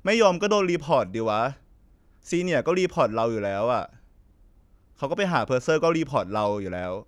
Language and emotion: Thai, frustrated